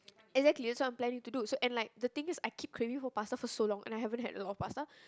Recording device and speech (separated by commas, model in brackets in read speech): close-talking microphone, conversation in the same room